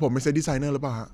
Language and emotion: Thai, neutral